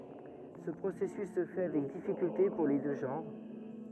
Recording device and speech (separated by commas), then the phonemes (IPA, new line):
rigid in-ear microphone, read sentence
sə pʁosɛsys sə fɛ avɛk difikylte puʁ le dø ʒɑ̃ʁ